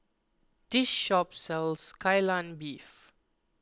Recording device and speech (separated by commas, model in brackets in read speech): close-talking microphone (WH20), read sentence